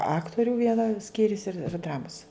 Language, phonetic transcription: Lithuanian, ˈaktorių ˈviena ˈskyrius ir ˈdramus

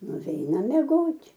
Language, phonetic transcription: Lithuanian, nuˈveinam meˈgot'

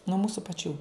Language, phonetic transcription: Lithuanian, nuo ˈmūsu paˈčių

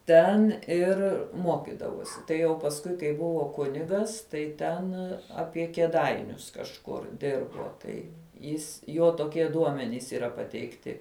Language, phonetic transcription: Lithuanian, ˈten ˈir ˈmokidavosi tai jau pasˈkui kai ˈbuvo ˈkunigas ˈtai ˈten ˈapie kieˈdainius kažˈkur ˈdirbo ˈtai ˈjis ˈjo toˈkie ˈduomenys yˈra pateikˈti

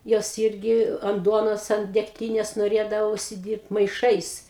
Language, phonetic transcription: Lithuanian, ˈjos ˈirgi ant ˈduonos ant degˈtynės noˈrėdava užsiˈdyrbt maiˈšais

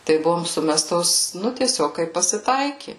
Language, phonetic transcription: Lithuanian, tai ˈbuvom ˈsumestos ˈnu tieˈsiog ˈkaip pasiˈtaiki

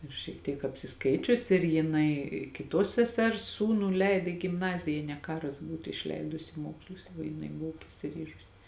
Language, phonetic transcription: Lithuanian, ir šiek ˈtiek apsiˈskaičius ir jiˈnai kiˈtuos seˈsers ˈsūnų ˈleid i gimˈnazija jė ne ˈkaras ˈbūtu išˈleidusi i ˈmokslus va jiˈnai ˈbuvo pasiˈryžusi

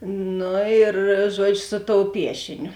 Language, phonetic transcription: Lithuanian, ˈnu ir ˈžuodžiu su tou ˈpiešiniu

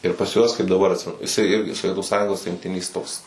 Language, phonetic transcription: Lithuanian, ir pas ˈjuos kaip daˈbar atˈsimenu jiˈsai ˈirgi soˈvietu ˈsąjungos rinkˈtinės ˈtoks

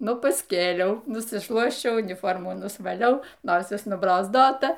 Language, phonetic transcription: Lithuanian, ˈnu pasˈkėliau nusiˈšluosčiau uniˈformų nusvaˈliau ˈnosis nubrozˈdota

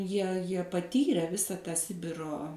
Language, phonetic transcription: Lithuanian, ˈjie ˈjie paˈtyre ˈvisa tą ˈsibiro

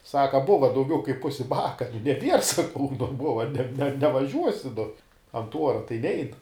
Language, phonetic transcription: Lithuanian, ˈsaka ˈbuva dauˈgiau kaip ˈpusi ˈbaka ir neˈbier saˈkau nu ˈbuva ne nevaˈžiuosi nu ant ˈuora tai ˈnein

